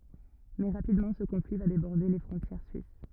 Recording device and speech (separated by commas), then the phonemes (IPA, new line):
rigid in-ear microphone, read sentence
mɛ ʁapidmɑ̃ sə kɔ̃fli va debɔʁde le fʁɔ̃tjɛʁ syis